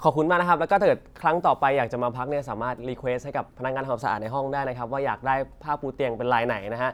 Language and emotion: Thai, happy